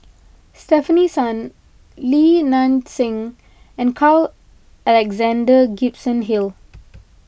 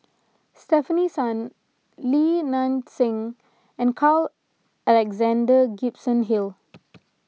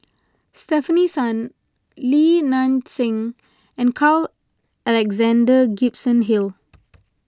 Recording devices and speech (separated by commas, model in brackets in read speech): boundary microphone (BM630), mobile phone (iPhone 6), close-talking microphone (WH20), read sentence